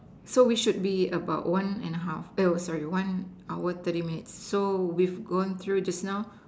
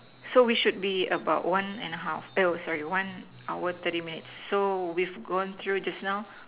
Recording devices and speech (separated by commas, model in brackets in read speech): standing microphone, telephone, conversation in separate rooms